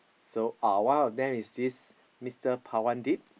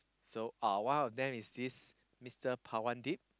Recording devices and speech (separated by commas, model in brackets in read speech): boundary microphone, close-talking microphone, conversation in the same room